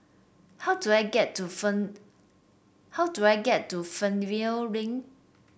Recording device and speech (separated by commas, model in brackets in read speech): boundary microphone (BM630), read sentence